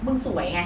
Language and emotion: Thai, frustrated